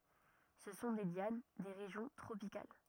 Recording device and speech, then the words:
rigid in-ear microphone, read sentence
Ce sont des lianes, des régions tropicales.

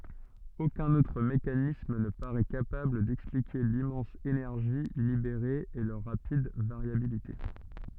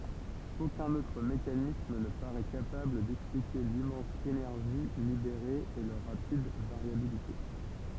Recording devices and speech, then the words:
soft in-ear microphone, temple vibration pickup, read sentence
Aucun autre mécanisme ne parait capable d’expliquer l’immense énergie libérée et leur rapide variabilité.

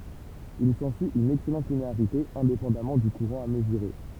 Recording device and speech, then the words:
temple vibration pickup, read sentence
Il s'ensuit une excellente linéarité, indépendamment du courant à mesurer.

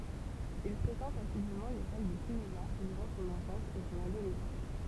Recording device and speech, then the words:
temple vibration pickup, read sentence
Il fréquente assidument les salles de cinéma durant son enfance et son adolescence.

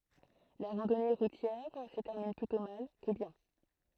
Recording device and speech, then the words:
throat microphone, read sentence
La randonnée routière se termine plutôt mal que bien.

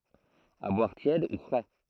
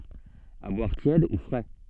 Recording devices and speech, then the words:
throat microphone, soft in-ear microphone, read sentence
À boire tiède ou frais.

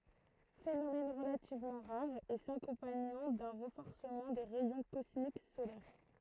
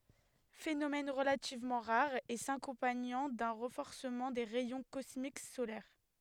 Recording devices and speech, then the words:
throat microphone, headset microphone, read sentence
Phénomène relativement rare et s'accompagnant d'un renforcement des rayons cosmiques solaires.

